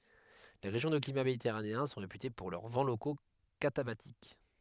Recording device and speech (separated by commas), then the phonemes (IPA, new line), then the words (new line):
headset microphone, read sentence
le ʁeʒjɔ̃ də klima meditɛʁaneɛ̃ sɔ̃ ʁepyte puʁ lœʁ vɑ̃ loko katabatik
Les régions de climat méditerranéen sont réputées pour leurs vents locaux catabatiques.